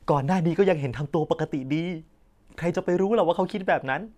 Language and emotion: Thai, happy